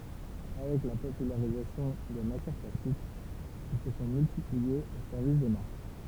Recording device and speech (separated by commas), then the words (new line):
temple vibration pickup, read sentence
Avec la popularisation des matières plastiques, ils se sont multipliés au service des marques.